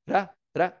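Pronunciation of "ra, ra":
Each 'ra' begins with a little flap.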